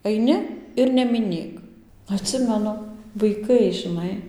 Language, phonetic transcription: Lithuanian, aiˈni ir nemiˈnėk atˈsimenu vaiˈkai žiˈnai

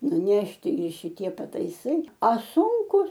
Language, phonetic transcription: Lithuanian, nuˈnešti i šiˈtie pataiˈsai a ˈsunkus

